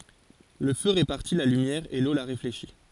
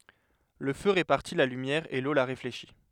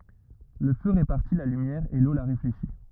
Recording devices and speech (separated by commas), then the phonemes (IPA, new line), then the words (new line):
forehead accelerometer, headset microphone, rigid in-ear microphone, read sentence
lə fø ʁepaʁti la lymjɛʁ e lo la ʁefleʃi
Le feu répartit la lumière et l'eau la réfléchit.